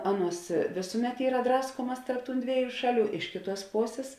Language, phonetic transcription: Lithuanian, ˈaˌnuos ˈvėsuˌmet ˈyra ˈdraskuomas tarp tūn ˈdvieˌjų ˈšaˌlių ˈiš kėˌtuos ˈposės

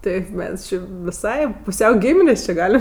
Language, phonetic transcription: Lithuanian, ˈteip ˈmes ˈči viˈsai puˈsiau ˈgyminės či ˈgalim

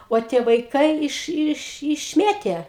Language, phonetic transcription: Lithuanian, o ˈtie vaiˈkai iš iš išˈmėtė

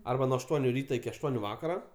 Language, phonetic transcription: Lithuanian, ˈarba nuo ašˈtuoniu ˈryta iki ašˈtuoniu ˈvakara

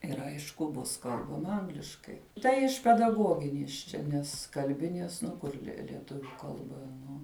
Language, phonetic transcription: Lithuanian, ˈir ˈaišku ˈbus ˈkalbama ˈangliškai ˈtai iš pedaˈgoginies ˈčia ˈnes kalˈbinies nu ˈkur lie lieˈtuviu ˈkalba ˈnu

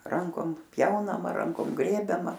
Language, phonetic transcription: Lithuanian, ˈrankom ˈpjaunama ˈrankom ˈgrėbiama

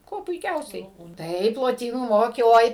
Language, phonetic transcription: Lithuanian, ˈkuo puiˈkiausiai ˈtaip loˈtynų ˈmokė oi

